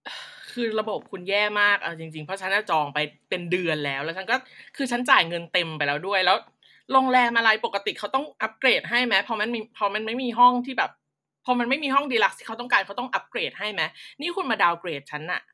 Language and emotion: Thai, frustrated